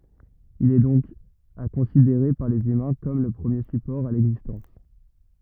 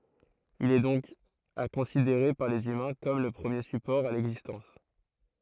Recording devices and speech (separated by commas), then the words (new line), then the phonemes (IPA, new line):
rigid in-ear microphone, throat microphone, read sentence
Il est donc à considérer par les humains comme le premier support à l'existence.
il ɛ dɔ̃k a kɔ̃sideʁe paʁ lez ymɛ̃ kɔm lə pʁəmje sypɔʁ a lɛɡzistɑ̃s